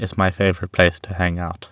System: none